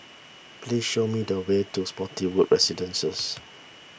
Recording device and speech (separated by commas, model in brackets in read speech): boundary microphone (BM630), read sentence